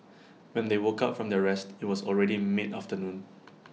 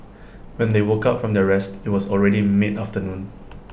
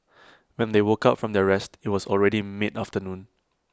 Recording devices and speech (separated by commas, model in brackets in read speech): mobile phone (iPhone 6), boundary microphone (BM630), close-talking microphone (WH20), read sentence